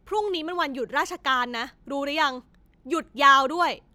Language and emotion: Thai, angry